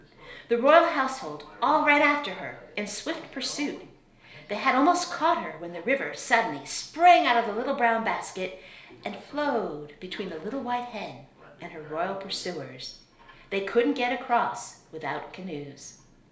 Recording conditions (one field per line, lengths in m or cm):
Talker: one person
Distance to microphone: 1.0 m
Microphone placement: close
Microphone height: 1.1 m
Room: small (3.7 m by 2.7 m)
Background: television